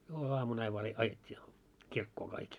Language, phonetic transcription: Finnish, 'joulu₍amun ‿aiv vaa re- 'ajet́t́ii , 'kirkkoo kaik .
- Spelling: jouluaamuna vain vain - ajettiin kirkkoon kaikki

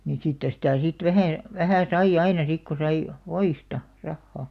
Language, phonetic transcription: Finnish, nin 'siittᵃ̈ sitä̀ sit "vähä , 'vähä̀ 'sai'ʲ ‿aina sik ko sai , "voista , 'rahhà .
- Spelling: niin siitä sitä sitten vähän vähän sai aina sitten kun sai voista rahaa

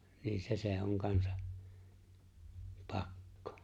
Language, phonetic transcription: Finnish, niin 'se se oŋ 'kansaᵖ , "pakkᴏ .
- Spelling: niin se se on kanssa pakko

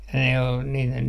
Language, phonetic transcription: Finnish, ne ol niiten ,.
- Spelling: ne oli niiden

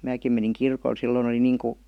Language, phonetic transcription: Finnish, 'määkim meniŋ "kirkol 'silloⁱn ‿oli 'niiŋ ku - ,.
- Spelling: minäkin menin kirkolle silloin oli niin kuin

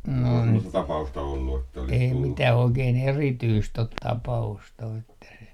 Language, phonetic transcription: Finnish, no , ei 'mitäh ‿oikeen "erityst ‿ot 'tapa₍ust ‿o että se ,.
- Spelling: no ei mitään oikein erityistä ole tapausta ole että se

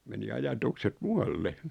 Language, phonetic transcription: Finnish, (ku) meni 'ajatukset "mualle .
- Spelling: kun meni ajatukset muualle

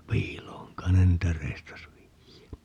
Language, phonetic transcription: Finnish, "piil̀ooŋ 'kain ne niitä 'reistas 'viijä .
- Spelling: piiloon kai ne niitä reistasi viedä

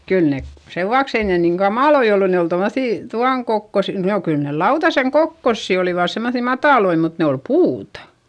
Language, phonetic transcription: Finnish, kyl ne , sevuaks ‿ei niiŋ kamàloi ollu ne ol tommoϑì , tuaŋ kokkos- , nò kyl ne lautaseŋ kokkossi olivàs semmoϑì matàloi mut ne ol puuta .
- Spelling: kyllä ne sen vuoksi ei niin kamalia ollut ne oli tuommoisia tuon - no kyllä ne lautasen kokoisia olivat semmoisia matalia mutta ne oli puuta

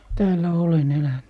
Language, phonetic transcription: Finnish, 'täällä 'olen 'eläny .
- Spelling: täällä olen elänyt

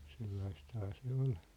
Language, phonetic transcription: Finnish, sellaisthaa se 'ol .
- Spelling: sellaistahan se oli

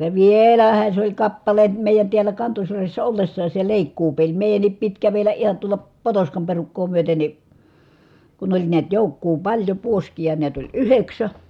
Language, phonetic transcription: Finnish, ja vièlähä sᵉ ‿oĺ kappale , mèijän tiäl̀ä Kantosyrjässä ollessaas se lèikkuupeĺ , mèi̮jännip pit kävel̀ä ʼihan tuola , Potoskam perukkoo myöte ni , kun oĺ niät jòukkuu paĺjo puoskija niät oĺ yheksä ,.
- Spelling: ja vielähän se oli kappale meidän täällä Kantosyrjässä ollessakin se leikkuupeli meidänkin piti kävellä ihan tuolla Potoskan perukkaa myöten niin kun oli näet joukkoa paljon puoskia näet oli yhdeksän

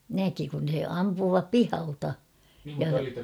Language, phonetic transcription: Finnish, 'näki kun̬ se 'ampuuvap "pihalta , ja ...
- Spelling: näki kun se ampuvan pihalta ja

